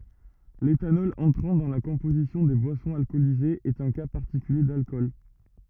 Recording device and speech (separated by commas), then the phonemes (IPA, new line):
rigid in-ear microphone, read sentence
letanɔl ɑ̃tʁɑ̃ dɑ̃ la kɔ̃pozisjɔ̃ de bwasɔ̃z alkɔlizez ɛt œ̃ ka paʁtikylje dalkɔl